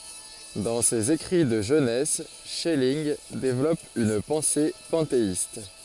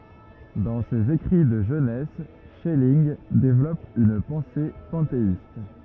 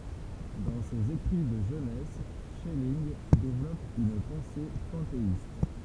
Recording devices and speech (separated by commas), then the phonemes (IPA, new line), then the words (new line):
forehead accelerometer, rigid in-ear microphone, temple vibration pickup, read sentence
dɑ̃ sez ekʁi də ʒønɛs ʃɛlinɡ devlɔp yn pɑ̃se pɑ̃teist
Dans ses écrits de jeunesse, Schelling développe une pensée panthéiste.